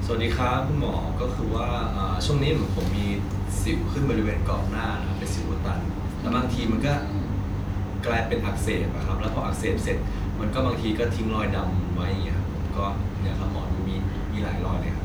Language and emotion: Thai, neutral